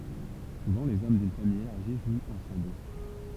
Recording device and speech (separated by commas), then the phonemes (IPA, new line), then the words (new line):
temple vibration pickup, read sentence
suvɑ̃ lez ɔm dyn famij elaʁʒi ʒwt ɑ̃sɑ̃bl
Souvent les hommes d'une famille élargie jouent ensemble.